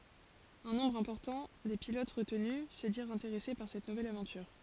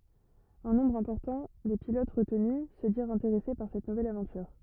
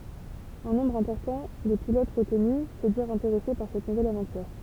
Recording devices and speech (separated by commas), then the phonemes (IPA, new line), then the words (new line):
forehead accelerometer, rigid in-ear microphone, temple vibration pickup, read sentence
œ̃ nɔ̃bʁ ɛ̃pɔʁtɑ̃ de pilot ʁətny sə diʁt ɛ̃teʁɛse paʁ sɛt nuvɛl avɑ̃tyʁ
Un nombre important des pilotes retenus se dirent intéressés par cette nouvelle aventure.